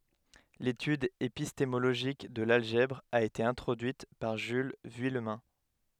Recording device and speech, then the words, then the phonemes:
headset microphone, read sentence
L'étude épistémologique de l'algèbre a été introduite par Jules Vuillemin.
letyd epistemoloʒik də lalʒɛbʁ a ete ɛ̃tʁodyit paʁ ʒyl vyijmɛ̃

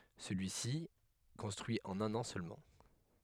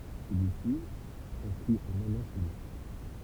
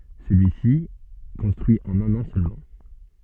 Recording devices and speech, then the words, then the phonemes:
headset microphone, temple vibration pickup, soft in-ear microphone, read sentence
Celui-ci est construit en un an seulement.
səlyisi ɛ kɔ̃stʁyi ɑ̃n œ̃n ɑ̃ sølmɑ̃

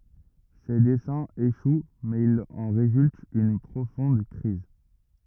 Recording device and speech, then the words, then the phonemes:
rigid in-ear microphone, read sentence
Ses desseins échouent, mais il en résulte une profonde crise.
se dɛsɛ̃z eʃw mɛz il ɑ̃ ʁezylt yn pʁofɔ̃d kʁiz

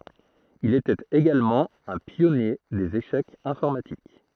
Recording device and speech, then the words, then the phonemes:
throat microphone, read sentence
Il était également un pionnier des échecs informatiques.
il etɛt eɡalmɑ̃ œ̃ pjɔnje dez eʃɛkz ɛ̃fɔʁmatik

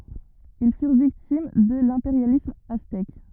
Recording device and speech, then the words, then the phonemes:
rigid in-ear microphone, read sentence
Ils furent victimes de l'impérialisme aztèque.
il fyʁ viktim də lɛ̃peʁjalism aztɛk

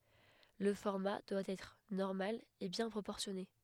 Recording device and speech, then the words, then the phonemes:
headset microphone, read sentence
Le format doit être normal et bien proportionné.
lə fɔʁma dwa ɛtʁ nɔʁmal e bjɛ̃ pʁopɔʁsjɔne

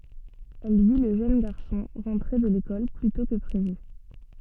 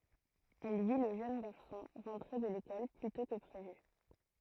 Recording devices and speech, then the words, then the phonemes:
soft in-ear microphone, throat microphone, read sentence
Elle vit le jeune garçon rentrer de l'école plus tôt que prévu.
ɛl vi lə ʒøn ɡaʁsɔ̃ ʁɑ̃tʁe də lekɔl ply tɔ̃ kə pʁevy

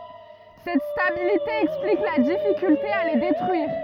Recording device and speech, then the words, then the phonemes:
rigid in-ear microphone, read sentence
Cette stabilité explique la difficulté à les détruire.
sɛt stabilite ɛksplik la difikylte a le detʁyiʁ

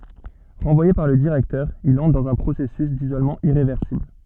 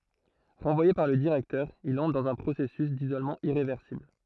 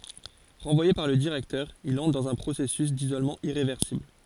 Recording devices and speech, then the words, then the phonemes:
soft in-ear microphone, throat microphone, forehead accelerometer, read sentence
Renvoyé par le directeur, il entre dans un processus d'isolement irréversible.
ʁɑ̃vwaje paʁ lə diʁɛktœʁ il ɑ̃tʁ dɑ̃z œ̃ pʁosɛsys dizolmɑ̃ iʁevɛʁsibl

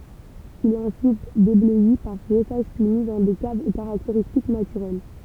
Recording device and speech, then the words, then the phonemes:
temple vibration pickup, read sentence
Il est ensuite débleui par brossages puis mis dans des caves aux caractéristiques naturelles.
il ɛt ɑ̃syit deblœi paʁ bʁɔsaʒ pyi mi dɑ̃ de kavz o kaʁakteʁistik natyʁɛl

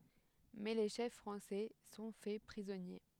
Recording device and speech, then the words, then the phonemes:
headset microphone, read sentence
Mais les chefs français sont faits prisonniers.
mɛ le ʃɛf fʁɑ̃sɛ sɔ̃ fɛ pʁizɔnje

